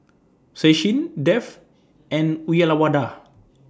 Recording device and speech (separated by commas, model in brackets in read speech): standing microphone (AKG C214), read sentence